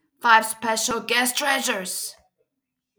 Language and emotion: English, neutral